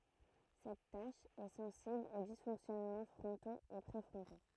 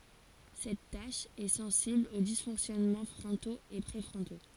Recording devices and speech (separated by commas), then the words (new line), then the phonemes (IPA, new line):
throat microphone, forehead accelerometer, read sentence
Cette tâche est sensible aux dysfonctionnements frontaux et préfrontaux.
sɛt taʃ ɛ sɑ̃sibl o disfɔ̃ksjɔnmɑ̃ fʁɔ̃toz e pʁefʁɔ̃to